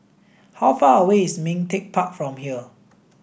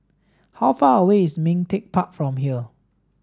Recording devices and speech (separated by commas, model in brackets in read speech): boundary microphone (BM630), standing microphone (AKG C214), read sentence